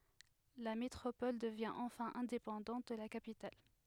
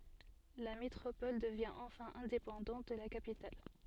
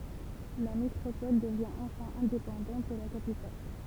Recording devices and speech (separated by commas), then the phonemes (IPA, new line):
headset microphone, soft in-ear microphone, temple vibration pickup, read sentence
la metʁopɔl dəvjɛ̃ ɑ̃fɛ̃ ɛ̃depɑ̃dɑ̃t də la kapital